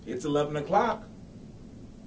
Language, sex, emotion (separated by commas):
English, male, happy